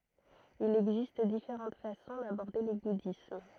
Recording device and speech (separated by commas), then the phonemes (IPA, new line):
throat microphone, read sentence
il ɛɡzist difeʁɑ̃t fasɔ̃ dabɔʁde lə budism